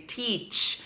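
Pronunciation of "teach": This is an incorrect pronunciation of 'teeth': it comes out as 'teach'.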